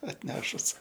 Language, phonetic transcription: Lithuanian, atˈnešus

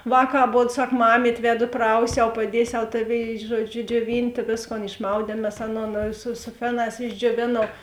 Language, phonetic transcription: Lithuanian, ˈvāˌkā aˈbod ˈsak ˈmamyt' ˈvedu ˈprausiau paˈdiesiau ˈtaˌvėi ˈžuoˌdžiu džiuoˈvintė ˈvėsˌkon išˈmaudiem mes ˈaˌnon su su ˈfeˌnās išdžioˈvėnau

